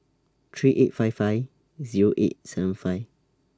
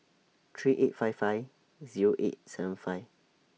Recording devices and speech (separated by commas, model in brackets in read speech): standing microphone (AKG C214), mobile phone (iPhone 6), read sentence